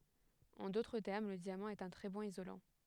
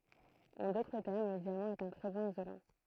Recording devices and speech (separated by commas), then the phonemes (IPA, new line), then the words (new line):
headset microphone, throat microphone, read sentence
ɑ̃ dotʁ tɛʁm lə djamɑ̃ ɛt œ̃ tʁɛ bɔ̃n izolɑ̃
En d'autres termes, le diamant est un très bon isolant.